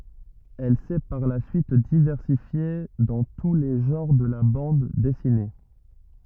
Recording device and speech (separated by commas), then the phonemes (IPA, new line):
rigid in-ear microphone, read sentence
ɛl sɛ paʁ la syit divɛʁsifje dɑ̃ tu le ʒɑ̃ʁ də la bɑ̃d dɛsine